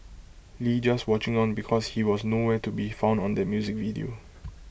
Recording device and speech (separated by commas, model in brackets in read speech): boundary microphone (BM630), read sentence